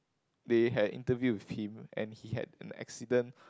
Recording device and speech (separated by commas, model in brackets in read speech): close-talking microphone, conversation in the same room